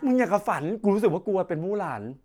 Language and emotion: Thai, happy